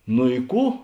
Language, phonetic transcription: Lithuanian, no i ˈkų

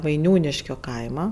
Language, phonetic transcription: Lithuanian, vaiˈniūniškio ˈkaima

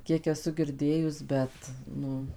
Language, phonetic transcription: Lithuanian, ˈkiek eˈsu girˈdėjus ˈbet ˈnu

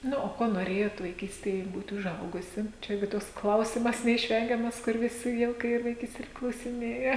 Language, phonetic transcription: Lithuanian, ˈnu o ˈkuo noˈrėjot vaiˈkystėje ˈbūt' uˈžaugusi ˈčia ˈirgi ˈtoks ˈklausimas neišˈvengiamas kur viˈsi ˈviel kai ˈyr ˈvaikstėj ir klausiˈnėja

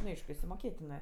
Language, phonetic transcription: Lithuanian, nu ˈaišku išsimoˈkėtinɜ

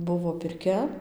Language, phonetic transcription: Lithuanian, ˈbuvo pirˈkia

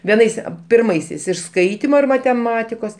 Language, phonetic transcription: Lithuanian, vieˈnais a pirˈmaisiais iš ˈskaitimo ir mateˈmatikos

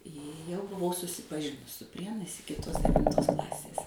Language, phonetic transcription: Lithuanian, jau buˈvau susipaˈžinus su ˈprienais ˈiki ˈtuos devinˈtos ˈklasės

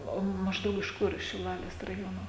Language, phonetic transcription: Lithuanian, ˈo ˈmaždaug iš ˈkur iš šiˈlalės raˈjono

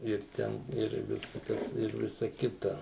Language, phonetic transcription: Lithuanian, ir ˈten ir visaˈkas ir ˈvisa ˈkita

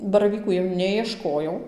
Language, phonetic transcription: Lithuanian, baraˈvykų jau ˌnejieˈškojau

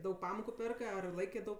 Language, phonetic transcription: Lithuanian, ˈdaug ˈpamoku ˈpėrkɜ ar ˈlaikė daug

